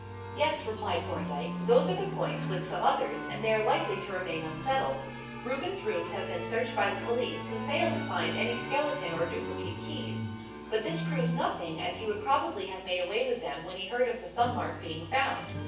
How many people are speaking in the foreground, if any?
One person.